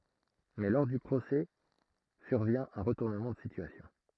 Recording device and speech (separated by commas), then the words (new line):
throat microphone, read sentence
Mais lors du procès survient un retournement de situation.